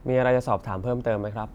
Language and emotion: Thai, neutral